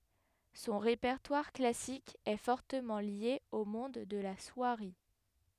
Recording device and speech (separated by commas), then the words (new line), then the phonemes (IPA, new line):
headset microphone, read sentence
Son répertoire classique est fortement lié au monde de la soierie.
sɔ̃ ʁepɛʁtwaʁ klasik ɛ fɔʁtəmɑ̃ lje o mɔ̃d də la swaʁi